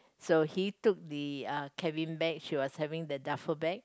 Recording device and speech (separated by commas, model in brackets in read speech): close-talking microphone, conversation in the same room